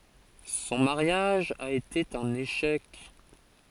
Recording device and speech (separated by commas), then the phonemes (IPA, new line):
forehead accelerometer, read sentence
sɔ̃ maʁjaʒ a ete œ̃n eʃɛk